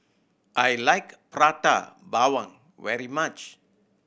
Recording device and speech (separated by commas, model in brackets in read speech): boundary microphone (BM630), read sentence